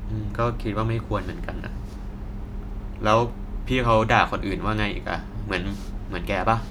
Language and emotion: Thai, neutral